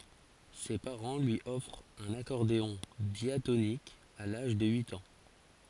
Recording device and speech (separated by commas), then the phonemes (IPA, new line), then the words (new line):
forehead accelerometer, read sentence
se paʁɑ̃ lyi ɔfʁt œ̃n akɔʁdeɔ̃ djatonik a laʒ də yit ɑ̃
Ses parents lui offrent un accordéon diatonique à l'âge de huit ans.